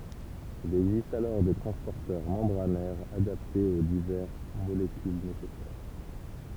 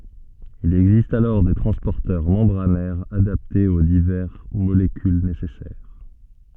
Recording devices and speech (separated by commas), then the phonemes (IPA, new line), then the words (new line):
temple vibration pickup, soft in-ear microphone, read sentence
il ɛɡzist alɔʁ de tʁɑ̃spɔʁtœʁ mɑ̃bʁanɛʁz adaptez o divɛʁ molekyl nesɛsɛʁ
Il existe alors des transporteurs membranaires adaptés aux divers molécules nécessaires.